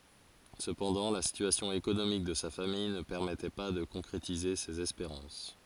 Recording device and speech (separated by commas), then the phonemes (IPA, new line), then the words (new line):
forehead accelerometer, read sentence
səpɑ̃dɑ̃ la sityasjɔ̃ ekonomik də sa famij nə pɛʁmɛtɛ pa də kɔ̃kʁetize sez ɛspeʁɑ̃s
Cependant la situation économique de sa famille ne permettait pas de concrétiser ses espérances.